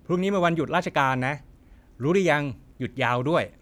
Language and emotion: Thai, neutral